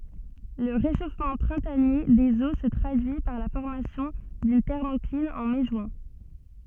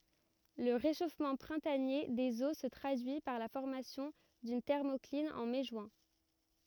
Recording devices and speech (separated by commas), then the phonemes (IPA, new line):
soft in-ear microphone, rigid in-ear microphone, read sentence
lə ʁeʃofmɑ̃ pʁɛ̃tanje dez o sə tʁadyi paʁ la fɔʁmasjɔ̃ dyn tɛʁmɔklin ɑ̃ mɛ ʒyɛ̃